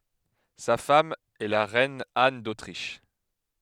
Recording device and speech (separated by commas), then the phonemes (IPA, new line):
headset microphone, read sentence
sa fam ɛ la ʁɛn an dotʁiʃ